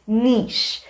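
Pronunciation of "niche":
'Niche' is pronounced correctly here.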